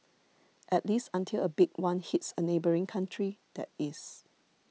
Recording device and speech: mobile phone (iPhone 6), read sentence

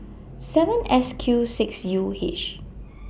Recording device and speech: boundary microphone (BM630), read sentence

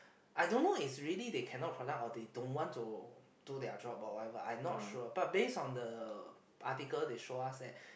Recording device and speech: boundary microphone, conversation in the same room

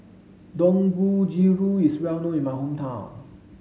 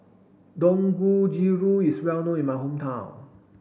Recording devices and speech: mobile phone (Samsung S8), boundary microphone (BM630), read sentence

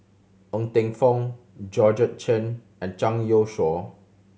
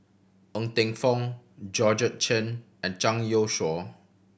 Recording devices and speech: mobile phone (Samsung C7100), boundary microphone (BM630), read sentence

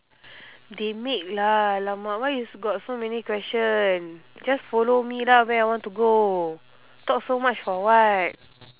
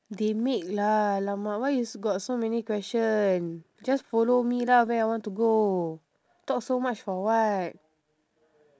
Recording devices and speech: telephone, standing microphone, conversation in separate rooms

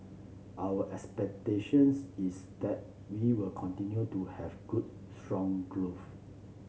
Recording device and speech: mobile phone (Samsung C7), read sentence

